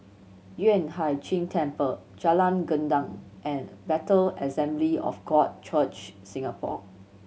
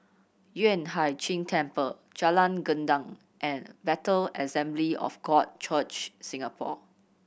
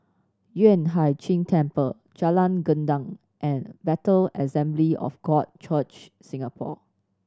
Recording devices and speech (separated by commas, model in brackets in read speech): mobile phone (Samsung C7100), boundary microphone (BM630), standing microphone (AKG C214), read sentence